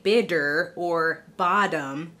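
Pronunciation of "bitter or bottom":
In 'bitter' and 'bottom', the t is said as a hard D, like the D at the beginning of 'dog', rather than a light D.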